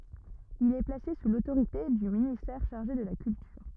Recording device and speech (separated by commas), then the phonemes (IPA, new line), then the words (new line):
rigid in-ear microphone, read sentence
il ɛ plase su lotoʁite dy ministɛʁ ʃaʁʒe də la kyltyʁ
Il est placé sous l'autorité du ministère chargé de la Culture.